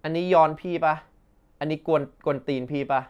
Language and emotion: Thai, frustrated